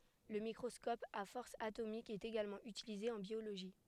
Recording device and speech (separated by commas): headset microphone, read sentence